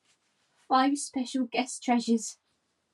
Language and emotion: English, fearful